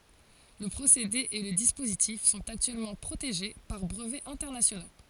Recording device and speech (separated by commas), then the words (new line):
forehead accelerometer, read sentence
Le procédé et le dispositif sont actuellement protégés par brevets internationaux.